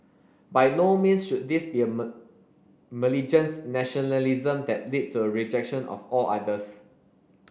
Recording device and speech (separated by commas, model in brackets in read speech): boundary microphone (BM630), read sentence